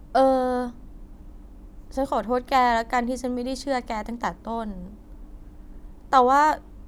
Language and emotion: Thai, sad